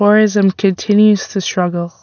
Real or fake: real